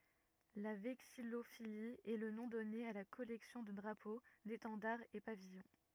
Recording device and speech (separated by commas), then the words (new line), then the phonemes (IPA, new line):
rigid in-ear microphone, read sentence
La vexillophilie est le nom donné à la collection de drapeaux, d'étendards et pavillons.
la vɛksijofili ɛ lə nɔ̃ dɔne a la kɔlɛksjɔ̃ də dʁapo detɑ̃daʁz e pavijɔ̃